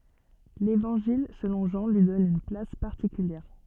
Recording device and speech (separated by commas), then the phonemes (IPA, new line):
soft in-ear microphone, read sentence
levɑ̃ʒil səlɔ̃ ʒɑ̃ lyi dɔn yn plas paʁtikyljɛʁ